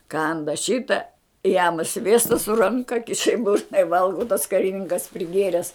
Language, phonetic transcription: Lithuanian, ˈkanda ˈšita jam ˈsviesta su ˈranka ˈkiša i ˈburna i ˈvalgo tas kariˈninkas priˈgėres

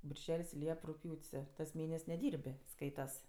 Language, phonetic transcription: Lithuanian, birˈžel's' ˈliep rugˈpjūt's' tas ˈmėnes' neˈdyr'b' ˈskaitas

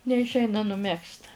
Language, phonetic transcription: Lithuanian, neišˈeina nuˈmegzt

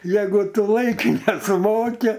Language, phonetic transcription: Lithuanian, ˈjeigu ˈtu ˈlaike nesuˈmoki

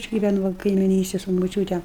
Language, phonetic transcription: Lithuanian, aš giˈvenu ˈva kaimiˈnystėj su moˈčiūte

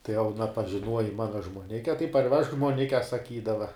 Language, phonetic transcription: Lithuanian, tai jau aˈna pažiˈnuoji ˈmana žmuoˈnike tai parˈvežk žmuoˈnike saˈkydava

